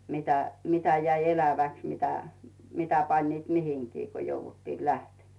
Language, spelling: Finnish, mitä mitä jäi eläväksi mitä mitä panivat mihinkin kun jouduttiin lähtemään
- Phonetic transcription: mitä , 'mitä jäi 'eläväks mitä , 'mitä pańniit 'mihiŋkii ko 'jouvuttii "lähtemᴀ̈ .

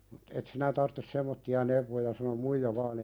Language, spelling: Finnish, mutta et sinä tarvitse semmoisia neuvoja sanoi muija vain -
- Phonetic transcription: (muttᴀ) » et 'sinä tarttes "semmotti₍a neuvoja « sano "muija vaan ‿e- .

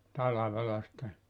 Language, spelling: Finnish, talvella sitten
- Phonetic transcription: 'talavela sⁱtte ,.

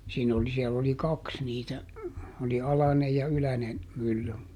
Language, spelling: Finnish, siinä oli siellä oli kaksi niitä oli alainen ja yläinen mylly
- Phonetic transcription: ˈsiin ‿oli siɛll ‿oli "kaks niitä , oli "alanej ja ˈylänen , ˈmylly .

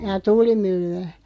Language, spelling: Finnish, jaa tuulimyllyä
- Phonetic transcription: jaa "tuulimylly₍ä ?

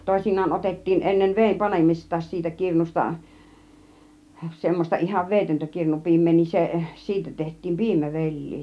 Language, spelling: Finnish, toisinaan otettiin ennen veden panemistakin siitä kirnusta semmoista ihan vedetöntä kirnupiimää niin se siitä tehtiin piimävelliä
- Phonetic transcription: 'tòisin̆naan 'otettiin ennev 'veem "panemist̆taas siitä 'kirnus̆ta , 'semmos͕ta ihav "veetöntä 'kirnupi̬im̆mee niin se , 'siitä teht̆tiim "piimäveĺ̆lii .

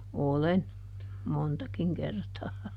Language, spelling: Finnish, olen montakin kertaa
- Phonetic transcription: "olen , ˈmontakiŋ ˈkertaa .

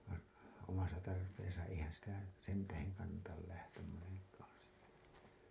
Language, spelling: Finnish, vain omassa tarpeessa eihän sitä sen tähden kannata lähteä monenkaan sinne
- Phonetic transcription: vain̬ , omasa tarpeesa eihän̬ sitä 'sen 'täheŋ kannatal lähtäm moneŋk̀aan̬ sinne .

